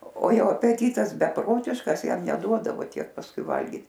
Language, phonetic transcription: Lithuanian, o ˈjo apeˈtytas beˈprotiškas ˈjam neˈduodavo ˈtiek pasˈkui ˈvalgit

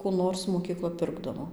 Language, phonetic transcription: Lithuanian, kų ˈnors mokyˈkla ˈpirkdavo

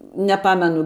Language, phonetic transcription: Lithuanian, neˈpamenu

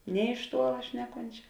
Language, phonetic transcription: Lithuanian, nė iš ˈtuola ˈšneˌkončia

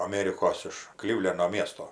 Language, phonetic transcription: Lithuanian, aˈmėrikos iš ˈklivleno ˈmiesto

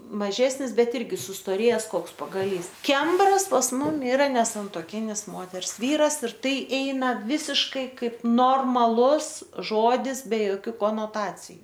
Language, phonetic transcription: Lithuanian, maˈžesnis ˈbet ˈirgi sustoˈrėjes ˈkoks pagaˈlys ˈkembras pas ˈmum iˈra nesantuoˈkinis ˈmoters ˈvyras ir ˈtai ˈeina ˈvisiškai ˈkaip normaˈlus ˈžodis be joˈkių konoˈtaciju

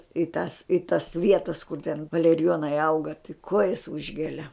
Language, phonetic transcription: Lithuanian, i tas i tas ˈvietas kur ten valeriˈjonai ˈauga tai ˈkuojas ˈužgelia

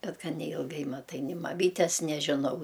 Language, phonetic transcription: Lithuanian, ˈbet ˈgan neilˈgai maˈtai ni maˈmytes nežiˈnau

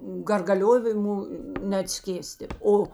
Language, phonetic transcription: Lithuanian, gargaˈliovimu neatˈskėsti ˈo

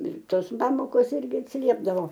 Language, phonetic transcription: Lithuanian, ir ˈtos ˈpamokos ˈirgi atsiˈliepdavo

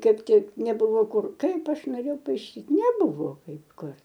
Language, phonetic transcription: Lithuanian, ˈkaip ˈtik neˈbuvo ˈkur ˈkaip ˈaš noˈrėjau paiˈšyt neˈbuvo ˈkaip ˈkur

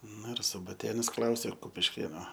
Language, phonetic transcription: Lithuanian, ˈnu ir subaˈtėnas ˈklausė kupišˈkėno

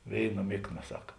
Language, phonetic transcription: Lithuanian, ˈvėiˌna ˈmikˌna ˈsak

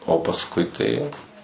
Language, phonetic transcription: Lithuanian, o pasˈkui tai jau

